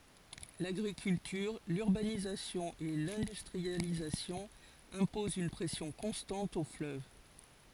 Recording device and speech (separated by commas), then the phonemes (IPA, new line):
forehead accelerometer, read sentence
laɡʁikyltyʁ lyʁbanizasjɔ̃ e lɛ̃dystʁializasjɔ̃ ɛ̃pozɑ̃ yn pʁɛsjɔ̃ kɔ̃stɑ̃t o fløv